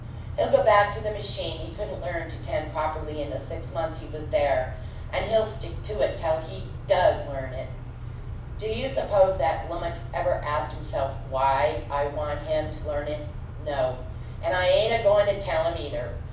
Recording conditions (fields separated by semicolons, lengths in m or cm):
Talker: one person; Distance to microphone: 5.8 m; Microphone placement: far; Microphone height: 1.8 m; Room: medium-sized (5.7 m by 4.0 m); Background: none